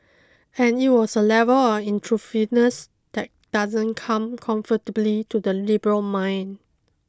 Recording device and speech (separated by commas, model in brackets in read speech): close-talking microphone (WH20), read sentence